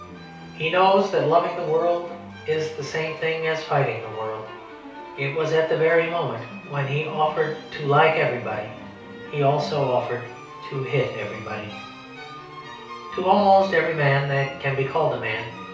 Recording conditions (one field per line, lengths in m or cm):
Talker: one person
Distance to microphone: 3.0 m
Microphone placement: far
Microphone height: 1.8 m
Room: small (3.7 m by 2.7 m)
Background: music